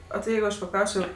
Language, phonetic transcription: Lithuanian, o ti ˈjeigu ˈaš paˈklausčio

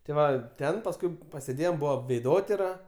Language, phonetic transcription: Lithuanian, ti ˈva ˈten pasˈkui pasėˈdėjom ˈbuva veiˈdotira

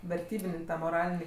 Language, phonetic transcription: Lithuanian, verˈtybin' ˈtą moˈralinį

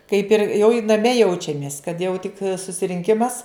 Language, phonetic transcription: Lithuanian, kaip ir jau i naˈme ˈjaučiamės kad ˈjau tik susirinˈkimas

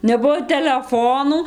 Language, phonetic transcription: Lithuanian, neˈbuo teleˈfonų

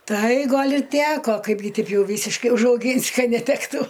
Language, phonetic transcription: Lithuanian, ˈtai ˈgal' i ˈteko ˈkaipgi ˈteip ˈjau ˈvysiškai užauˈgynsi ˈkad neˈtektų

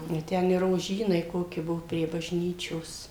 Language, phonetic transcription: Lithuanian, i ˈten i roˈžynai ˈkoki ˈbuvo prie bažˈnyčios

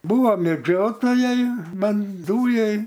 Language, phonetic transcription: Lithuanian, ˈbūva meˈdžiotojai ˈbent ˈdūjai

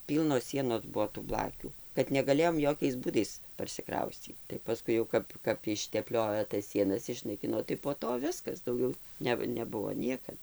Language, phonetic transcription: Lithuanian, ˈpylnos ˈsienos ˈbuo tų ˈblakių kad negaˈlėjom ˈjokiais ˈbūdais parsiˈkrauscyt tai paˈskui jau ˈkap kap išteˈpliojo tas ˈsienas išnaiˈkino tai po ˈto ˈviskas ˈdaugiau ˈne neˈbuvo ˈniekad

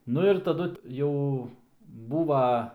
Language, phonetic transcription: Lithuanian, ˈnu ir taˈdu ˈjau ˈbūva

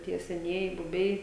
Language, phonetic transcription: Lithuanian, ˈtie seˈnieji buˈbiai

